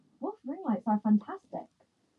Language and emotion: English, surprised